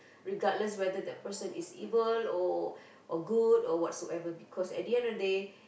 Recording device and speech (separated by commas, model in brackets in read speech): boundary microphone, conversation in the same room